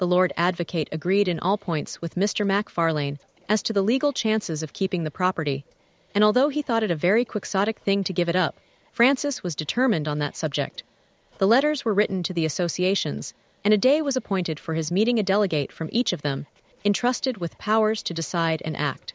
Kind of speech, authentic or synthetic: synthetic